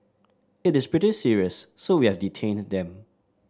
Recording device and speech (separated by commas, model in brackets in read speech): standing microphone (AKG C214), read sentence